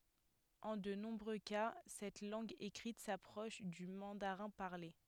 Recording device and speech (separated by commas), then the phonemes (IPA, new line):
headset microphone, read sentence
ɑ̃ də nɔ̃bʁø ka sɛt lɑ̃ɡ ekʁit sapʁɔʃ dy mɑ̃daʁɛ̃ paʁle